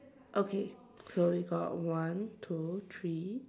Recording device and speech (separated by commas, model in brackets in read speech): standing microphone, conversation in separate rooms